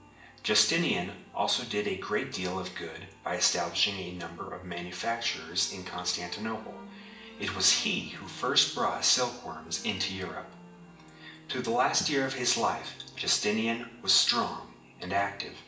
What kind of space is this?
A spacious room.